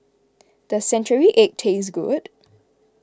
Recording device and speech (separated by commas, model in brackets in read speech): close-talking microphone (WH20), read sentence